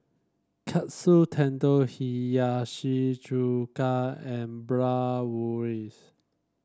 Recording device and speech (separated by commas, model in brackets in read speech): standing microphone (AKG C214), read sentence